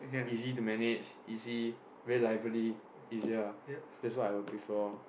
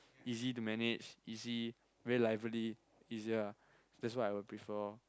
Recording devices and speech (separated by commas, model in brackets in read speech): boundary microphone, close-talking microphone, conversation in the same room